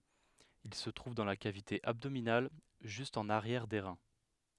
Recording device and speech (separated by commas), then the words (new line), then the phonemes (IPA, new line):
headset microphone, read sentence
Ils se trouvent dans la cavité abdominale, juste en arrière des reins.
il sə tʁuv dɑ̃ la kavite abdominal ʒyst ɑ̃n aʁjɛʁ de ʁɛ̃